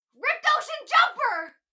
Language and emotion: English, surprised